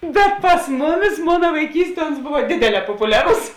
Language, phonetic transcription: Lithuanian, bet pas ˈmuˌmis ˈmona vaiˈkysˌtie uns ˈbova ˈdėdėˌlē popuˈliarus

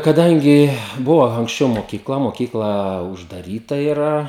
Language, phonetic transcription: Lithuanian, kaˈdangi ˈbuva anksˈčiau mokyˈkla moˈkykla uždaˈryta iˈra

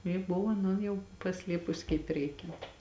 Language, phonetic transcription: Lithuanian, ji ˈbuvo aˈnon ˈjau paˈsliepusi kaip ˈreikiant

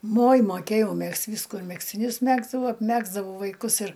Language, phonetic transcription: Lithuanian, moj moˈkėjau ˈmegzt ˈvysku ir megztiˈnius ˈmegzdavau apˈmegzdavau vaiˈkus ir

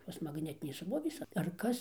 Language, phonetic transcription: Lithuanian, ˈtos magˈnetinės ˈsrovės ar ˈkas

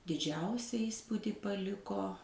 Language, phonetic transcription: Lithuanian, diˈdžiausia ˈįspūdi paˈliko

